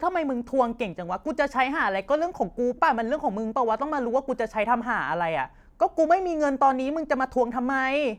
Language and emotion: Thai, angry